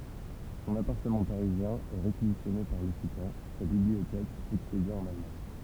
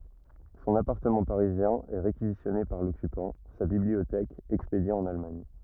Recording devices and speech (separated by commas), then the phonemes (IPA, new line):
temple vibration pickup, rigid in-ear microphone, read sentence
sɔ̃n apaʁtəmɑ̃ paʁizjɛ̃ ɛ ʁekizisjɔne paʁ lɔkypɑ̃ sa bibliotɛk ɛkspedje ɑ̃n almaɲ